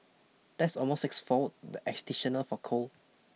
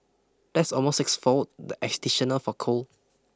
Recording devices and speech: mobile phone (iPhone 6), close-talking microphone (WH20), read sentence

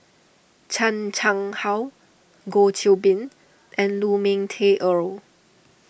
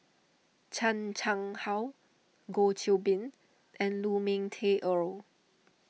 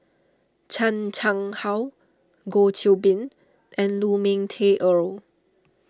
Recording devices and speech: boundary microphone (BM630), mobile phone (iPhone 6), standing microphone (AKG C214), read sentence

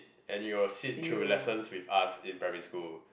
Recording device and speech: boundary microphone, conversation in the same room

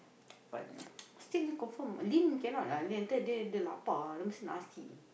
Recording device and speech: boundary microphone, conversation in the same room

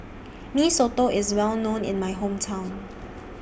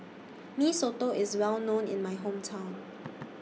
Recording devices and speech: boundary microphone (BM630), mobile phone (iPhone 6), read sentence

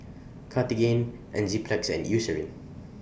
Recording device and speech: boundary microphone (BM630), read sentence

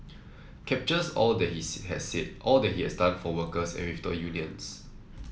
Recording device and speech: mobile phone (iPhone 7), read sentence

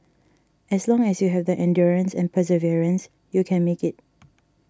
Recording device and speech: standing microphone (AKG C214), read sentence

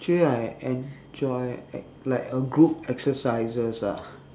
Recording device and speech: standing microphone, conversation in separate rooms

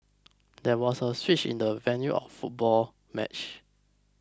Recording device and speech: close-talking microphone (WH20), read sentence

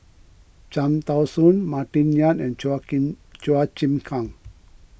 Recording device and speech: boundary microphone (BM630), read sentence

